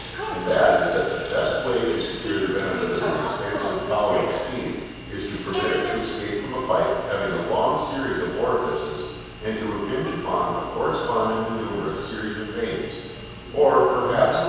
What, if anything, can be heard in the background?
A television.